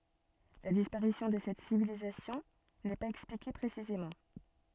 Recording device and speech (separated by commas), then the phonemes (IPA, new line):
soft in-ear microphone, read sentence
la dispaʁisjɔ̃ də sɛt sivilizasjɔ̃ nɛ paz ɛksplike pʁesizemɑ̃